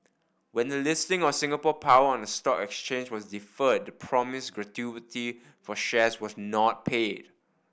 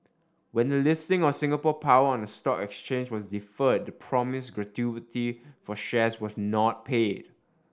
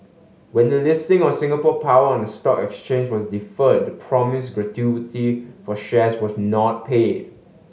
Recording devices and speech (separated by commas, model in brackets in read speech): boundary microphone (BM630), standing microphone (AKG C214), mobile phone (Samsung S8), read sentence